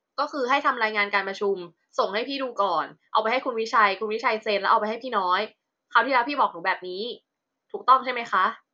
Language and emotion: Thai, frustrated